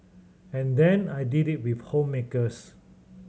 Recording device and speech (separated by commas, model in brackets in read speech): mobile phone (Samsung C7100), read sentence